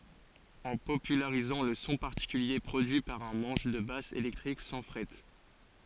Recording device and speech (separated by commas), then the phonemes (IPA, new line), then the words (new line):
forehead accelerometer, read sentence
ɑ̃ popylaʁizɑ̃ lə sɔ̃ paʁtikylje pʁodyi paʁ œ̃ mɑ̃ʃ də bas elɛktʁik sɑ̃ fʁɛt
En popularisant le son particulier produit par un manche de basse électrique sans frettes.